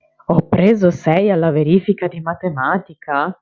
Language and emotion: Italian, surprised